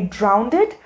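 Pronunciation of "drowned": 'Drowned' is pronounced incorrectly here.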